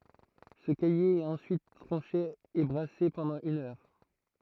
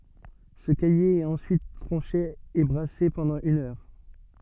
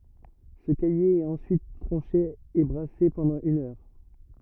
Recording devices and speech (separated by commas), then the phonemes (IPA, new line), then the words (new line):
throat microphone, soft in-ear microphone, rigid in-ear microphone, read sentence
sə kaje ɛt ɑ̃syit tʁɑ̃ʃe e bʁase pɑ̃dɑ̃ yn œʁ
Ce caillé est ensuite tranché et brassé pendant une heure.